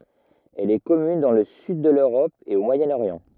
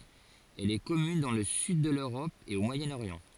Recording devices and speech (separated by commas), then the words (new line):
rigid in-ear microphone, forehead accelerometer, read sentence
Elle est commune dans le sud de l'Europe et au Moyen-Orient.